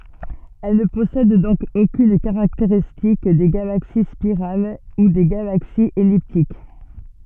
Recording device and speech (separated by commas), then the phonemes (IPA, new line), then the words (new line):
soft in-ear microphone, read sentence
ɛl nə pɔsɛd dɔ̃k okyn kaʁakteʁistik de ɡalaksi spiʁal u de ɡalaksiz ɛliptik
Elles ne possèdent donc aucune caractéristique des galaxies spirales ou des galaxies elliptiques.